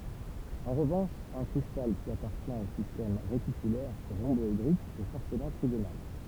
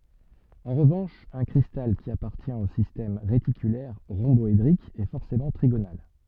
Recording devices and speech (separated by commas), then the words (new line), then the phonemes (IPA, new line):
temple vibration pickup, soft in-ear microphone, read sentence
En revanche, un cristal qui appartient au système réticulaire rhomboédrique est forcément trigonal.
ɑ̃ ʁəvɑ̃ʃ œ̃ kʁistal ki apaʁtjɛ̃t o sistɛm ʁetikylɛʁ ʁɔ̃bɔedʁik ɛ fɔʁsemɑ̃ tʁiɡonal